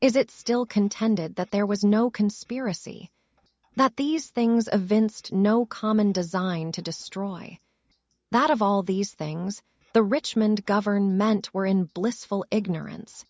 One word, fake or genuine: fake